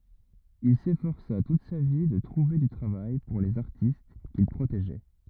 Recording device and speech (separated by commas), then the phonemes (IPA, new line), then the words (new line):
rigid in-ear microphone, read sentence
il sefɔʁsa tut sa vi də tʁuve dy tʁavaj puʁ lez aʁtist kil pʁoteʒɛ
Il s’efforça toute sa vie de trouver du travail pour les artistes qu’il protégeait.